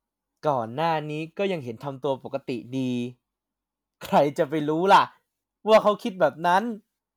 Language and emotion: Thai, happy